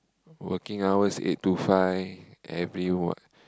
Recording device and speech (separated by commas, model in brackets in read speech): close-talking microphone, conversation in the same room